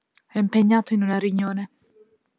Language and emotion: Italian, neutral